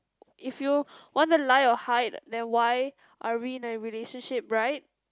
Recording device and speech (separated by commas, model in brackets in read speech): close-talking microphone, conversation in the same room